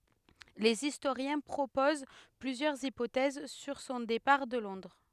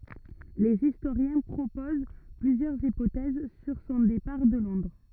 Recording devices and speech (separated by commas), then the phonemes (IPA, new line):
headset microphone, rigid in-ear microphone, read sentence
lez istoʁjɛ̃ pʁopoz plyzjœʁz ipotɛz syʁ sɔ̃ depaʁ də lɔ̃dʁ